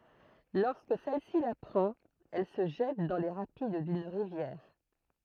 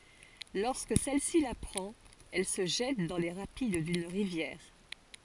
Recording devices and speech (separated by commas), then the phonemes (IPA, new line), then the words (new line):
throat microphone, forehead accelerometer, read sentence
lɔʁskə sɛl si lapʁɑ̃t ɛl sə ʒɛt dɑ̃ le ʁapid dyn ʁivjɛʁ
Lorsque celle-ci l'apprend, elle se jette dans les rapides d'une rivière.